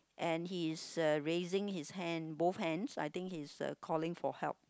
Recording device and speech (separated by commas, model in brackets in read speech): close-talking microphone, conversation in the same room